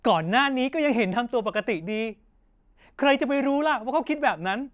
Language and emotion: Thai, frustrated